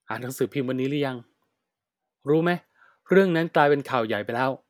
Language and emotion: Thai, frustrated